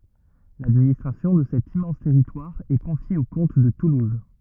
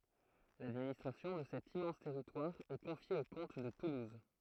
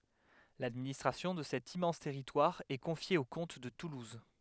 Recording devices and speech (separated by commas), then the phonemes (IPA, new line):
rigid in-ear microphone, throat microphone, headset microphone, read sentence
ladministʁasjɔ̃ də sɛt immɑ̃s tɛʁitwaʁ ɛ kɔ̃fje o kɔ̃t də tuluz